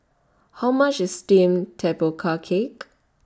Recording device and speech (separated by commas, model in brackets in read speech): standing microphone (AKG C214), read sentence